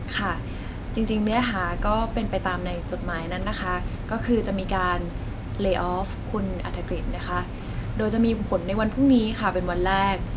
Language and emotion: Thai, neutral